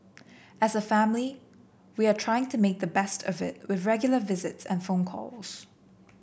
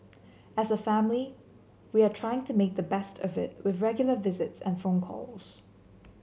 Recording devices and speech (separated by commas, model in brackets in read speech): boundary microphone (BM630), mobile phone (Samsung C7), read sentence